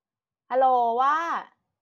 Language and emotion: Thai, neutral